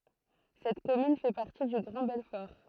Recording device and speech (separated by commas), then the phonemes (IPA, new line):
throat microphone, read sentence
sɛt kɔmyn fɛ paʁti dy ɡʁɑ̃ bɛlfɔʁ